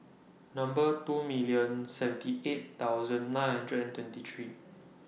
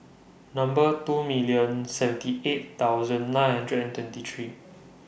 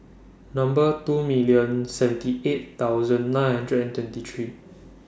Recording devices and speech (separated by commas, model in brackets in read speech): mobile phone (iPhone 6), boundary microphone (BM630), standing microphone (AKG C214), read sentence